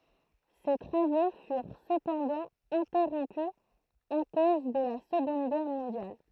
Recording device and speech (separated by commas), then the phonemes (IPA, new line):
throat microphone, read sentence
se tʁavo fyʁ səpɑ̃dɑ̃ ɛ̃tɛʁɔ̃py a koz də la səɡɔ̃d ɡɛʁ mɔ̃djal